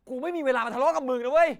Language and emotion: Thai, angry